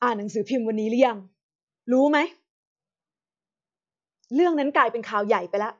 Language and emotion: Thai, frustrated